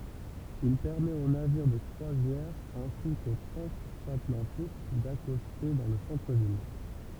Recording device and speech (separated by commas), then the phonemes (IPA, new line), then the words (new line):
temple vibration pickup, read sentence
il pɛʁmɛt o naviʁ də kʁwazjɛʁ ɛ̃si ko tʁɑ̃zatlɑ̃tik dakɔste dɑ̃ lə sɑ̃tʁəvil
Il permet aux navires de croisière ainsi qu'aux transatlantiques d'accoster dans le centre-ville.